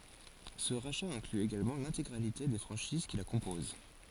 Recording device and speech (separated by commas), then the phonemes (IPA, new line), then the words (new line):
forehead accelerometer, read sentence
sə ʁaʃa ɛ̃kly eɡalmɑ̃ lɛ̃teɡʁalite de fʁɑ̃ʃiz ki la kɔ̃poz
Ce rachat inclut également l'intégralité des franchises qui la composent.